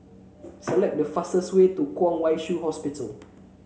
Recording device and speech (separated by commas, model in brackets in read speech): mobile phone (Samsung C7), read sentence